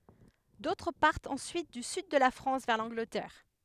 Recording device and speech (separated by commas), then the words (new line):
headset microphone, read sentence
D'autres partent ensuite du Sud de la France vers l'Angleterre.